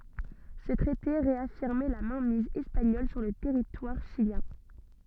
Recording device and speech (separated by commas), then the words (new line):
soft in-ear microphone, read sentence
Ce traité réaffirmait la mainmise espagnole sur le territoire chilien.